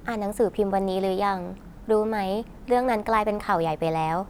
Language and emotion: Thai, neutral